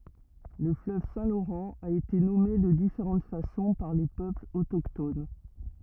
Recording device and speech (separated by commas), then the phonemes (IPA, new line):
rigid in-ear microphone, read sentence
lə fløv sɛ̃ loʁɑ̃ a ete nɔme də difeʁɑ̃t fasɔ̃ paʁ le pøplz otokton